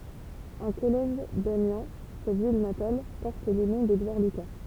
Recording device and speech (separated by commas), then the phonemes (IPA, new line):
temple vibration pickup, read sentence
œ̃ kɔlɛʒ damjɛ̃ sa vil natal pɔʁt lə nɔ̃ dedwaʁ lyka